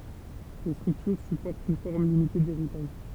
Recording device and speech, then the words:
temple vibration pickup, read sentence
Les structures supportent une forme limitée d'héritage.

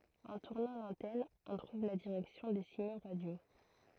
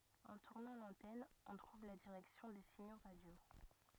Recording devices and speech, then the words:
throat microphone, rigid in-ear microphone, read sentence
En tournant l'antenne, on trouve la direction des signaux radios.

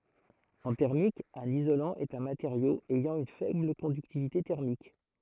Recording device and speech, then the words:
throat microphone, read sentence
En thermique, un isolant est un matériau ayant une faible conductivité thermique.

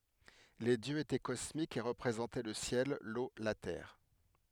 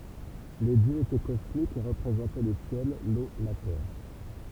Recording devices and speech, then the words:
headset microphone, temple vibration pickup, read sentence
Les dieux étaient cosmiques et représentaient le ciel, l’eau, la terre.

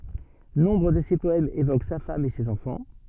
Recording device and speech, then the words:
soft in-ear microphone, read sentence
Nombre de ses poèmes évoquent sa femme et ses enfants.

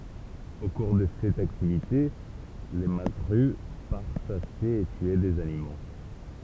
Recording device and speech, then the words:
temple vibration pickup, read sentence
Au cours de cette activité, le mazzeru part chasser et tuer des animaux.

